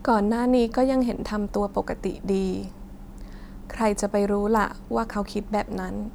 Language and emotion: Thai, sad